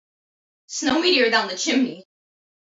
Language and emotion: English, fearful